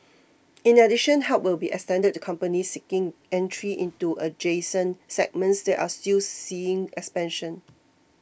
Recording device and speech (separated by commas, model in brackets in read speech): boundary microphone (BM630), read sentence